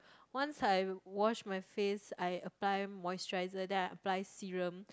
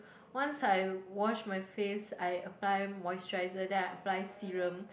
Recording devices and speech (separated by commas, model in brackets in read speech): close-talking microphone, boundary microphone, conversation in the same room